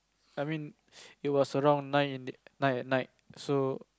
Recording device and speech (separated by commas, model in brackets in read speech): close-talking microphone, conversation in the same room